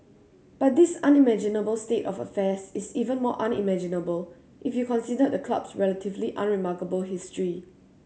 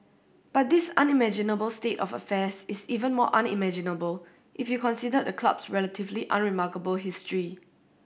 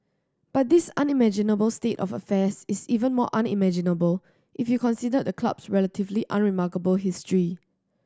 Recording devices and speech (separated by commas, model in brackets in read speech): mobile phone (Samsung C7100), boundary microphone (BM630), standing microphone (AKG C214), read sentence